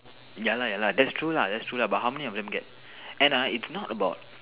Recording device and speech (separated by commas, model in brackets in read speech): telephone, conversation in separate rooms